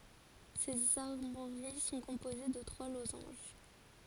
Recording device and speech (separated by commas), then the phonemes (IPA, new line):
forehead accelerometer, read sentence
sez aʁmwaʁi sɔ̃ kɔ̃poze də tʁwa lozɑ̃ʒ